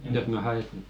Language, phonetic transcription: Finnish, jos mä "ha₍e 'se .
- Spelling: jos minä haen sen

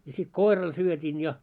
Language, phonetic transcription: Finnish, ja sit "koiral syöt́in ja .
- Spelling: ja sitten koiralle syötin ja

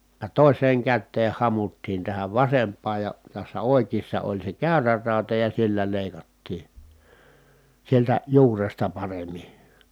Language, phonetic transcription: Finnish, (j)a tòis̀eeŋ kättee hamuttiin tähäv vasemp̆paaj ja , tässä òikiissa oĺ se kä̀yrä ràuta ja sillä lèi̮kattii , sieltä , juuresta paremi .
- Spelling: ja toiseen käteen hamuttiin tähän vasempaan ja tässä oikeassa oli se käyrä rauta ja sillä leikattiin sieltä juuresta paremmin

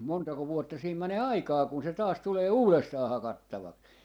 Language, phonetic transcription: Finnish, 'montako 'vuotta siim mänee "aikaa kun se 'taas 'tulee "uulestaa 'hakattavaks » .
- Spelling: montako vuotta siinä menee aikaa kun se taas tulee uudestaan hakattavaksi

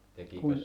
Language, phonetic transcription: Finnish, kun , .
- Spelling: kun

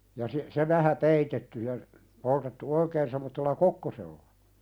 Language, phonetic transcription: Finnish, ja si- se 'vähä "peitetty ja , poltettu 'oikeen semmottella "kokkosella .
- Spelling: ja - se vähän peitetty ja poltettu oikein semmoisella kokkosella

